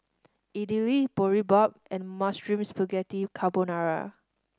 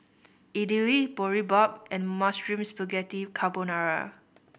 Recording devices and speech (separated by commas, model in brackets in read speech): standing microphone (AKG C214), boundary microphone (BM630), read sentence